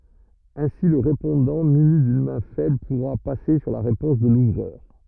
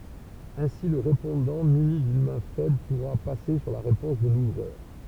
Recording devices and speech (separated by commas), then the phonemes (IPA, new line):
rigid in-ear microphone, temple vibration pickup, read sentence
ɛ̃si lə ʁepɔ̃dɑ̃ myni dyn mɛ̃ fɛbl puʁa pase syʁ la ʁepɔ̃s də luvʁœʁ